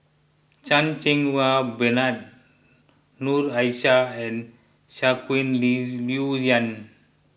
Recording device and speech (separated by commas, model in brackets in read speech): boundary microphone (BM630), read sentence